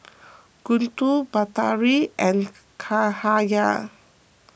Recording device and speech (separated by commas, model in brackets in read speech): boundary microphone (BM630), read sentence